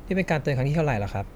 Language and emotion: Thai, frustrated